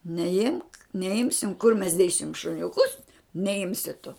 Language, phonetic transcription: Lithuanian, neˈimk neˈimsim kur mes ˈdėsim šuniuˈkus neˈimsi tu

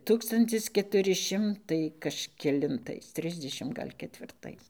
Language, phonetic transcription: Lithuanian, ˈtūkstantis ketuˈri ˈšimtai kažkelinˈtais ˈtrisdešim ˈgal' ketvirˈtais

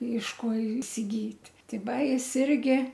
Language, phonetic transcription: Lithuanian, iš ˈko isiˈgyt' ˈti ˈva ˈjis ˈirgi

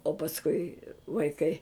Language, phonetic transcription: Lithuanian, o pasˈkui vaiˈkai

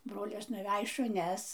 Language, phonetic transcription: Lithuanian, ˈbrolis nuˈvæj šuˈnes

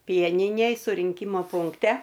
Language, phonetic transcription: Lithuanian, ˈpieninėj surinˈkyma punkˈte

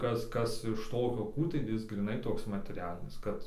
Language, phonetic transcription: Lithuanian, ˈkas ˈkas iš ˈtokio ˈkų tai ˈjis gryˈnai ˈtoks mateˈrialinis ˈkad

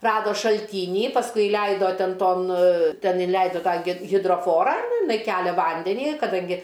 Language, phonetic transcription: Lithuanian, ˈrado šalˈtynį pasˈkui iˈleido ˈten ˈton ˈten iˈleido ˈtą gi hidroˈforą nu iˈnai ˈkelia ˈvandenį kaˈdangi

